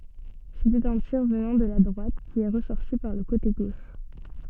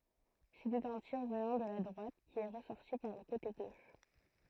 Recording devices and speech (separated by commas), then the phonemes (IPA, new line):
soft in-ear microphone, throat microphone, read sentence
setɛt œ̃ tiʁ vənɑ̃ də la dʁwat ki ɛ ʁəsɔʁti paʁ lə kote ɡoʃ